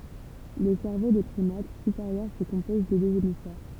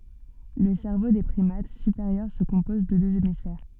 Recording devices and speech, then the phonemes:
temple vibration pickup, soft in-ear microphone, read sentence
lə sɛʁvo de pʁimat sypeʁjœʁ sə kɔ̃pɔz də døz emisfɛʁ

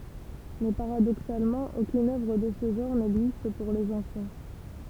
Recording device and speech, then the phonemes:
temple vibration pickup, read sentence
mɛ paʁadoksalmɑ̃ okyn œvʁ də sə ʒɑ̃ʁ nɛɡzist puʁ lez ɑ̃fɑ̃

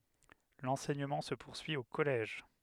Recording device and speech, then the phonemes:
headset microphone, read sentence
lɑ̃sɛɲəmɑ̃ sə puʁsyi o kɔlɛʒ

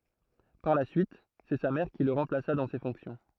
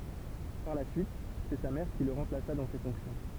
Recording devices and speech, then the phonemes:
throat microphone, temple vibration pickup, read sentence
paʁ la syit sɛ sa mɛʁ ki lə ʁɑ̃plasa dɑ̃ se fɔ̃ksjɔ̃

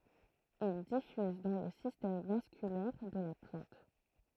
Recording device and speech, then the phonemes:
throat microphone, read sentence
il difyz dɑ̃ lə sistɛm vaskylɛʁ də la plɑ̃t

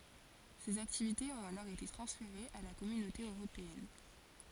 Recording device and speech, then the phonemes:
forehead accelerometer, read sentence
sez aktivitez ɔ̃t alɔʁ ete tʁɑ̃sfeʁez a la kɔmynote øʁopeɛn

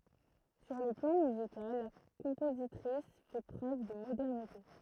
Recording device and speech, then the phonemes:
throat microphone, read sentence
syʁ lə plɑ̃ myzikal la kɔ̃pozitʁis fɛ pʁøv də modɛʁnite

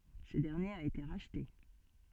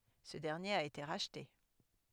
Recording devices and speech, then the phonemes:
soft in-ear microphone, headset microphone, read sentence
sə dɛʁnjeʁ a ete ʁaʃte

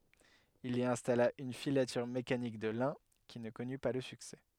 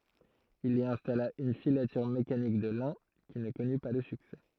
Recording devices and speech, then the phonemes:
headset microphone, throat microphone, read sentence
il i ɛ̃stala yn filatyʁ mekanik də lɛ̃ ki nə kɔny pa lə syksɛ

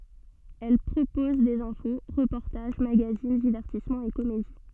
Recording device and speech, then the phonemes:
soft in-ear microphone, read sentence
ɛl pʁopɔz dez ɛ̃fo ʁəpɔʁtaʒ maɡazin divɛʁtismɑ̃z e komedi

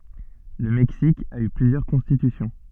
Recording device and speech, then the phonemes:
soft in-ear microphone, read sentence
lə mɛksik a y plyzjœʁ kɔ̃stitysjɔ̃

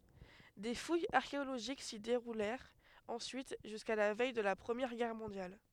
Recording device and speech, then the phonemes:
headset microphone, read sentence
de fujz aʁkeoloʒik si deʁulɛʁt ɑ̃syit ʒyska la vɛj də la pʁəmjɛʁ ɡɛʁ mɔ̃djal

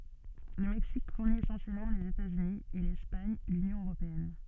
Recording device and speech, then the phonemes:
soft in-ear microphone, read sentence
lə mɛksik fuʁni esɑ̃sjɛlmɑ̃ lez etatsyni e lɛspaɲ lynjɔ̃ øʁopeɛn

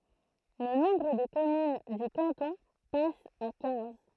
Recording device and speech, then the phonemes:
throat microphone, read sentence
lə nɔ̃bʁ də kɔmyn dy kɑ̃tɔ̃ pas a kɛ̃z

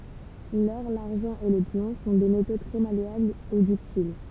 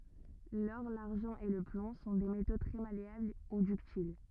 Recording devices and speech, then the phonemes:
temple vibration pickup, rigid in-ear microphone, read sentence
lɔʁ laʁʒɑ̃ e lə plɔ̃ sɔ̃ de meto tʁɛ maleabl u dyktil

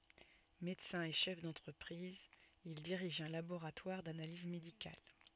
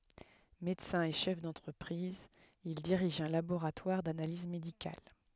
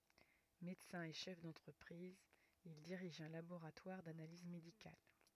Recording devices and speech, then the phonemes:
soft in-ear microphone, headset microphone, rigid in-ear microphone, read sentence
medəsɛ̃ e ʃɛf dɑ̃tʁəpʁiz il diʁiʒ œ̃ laboʁatwaʁ danaliz medikal

